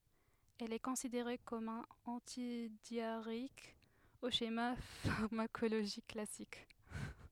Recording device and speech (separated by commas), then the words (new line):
headset microphone, read sentence
Elle est considérée comme un antidiarrhéique au schéma pharmacologique classique.